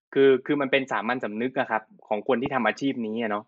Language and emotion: Thai, frustrated